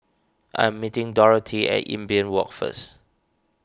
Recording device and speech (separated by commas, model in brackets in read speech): standing microphone (AKG C214), read sentence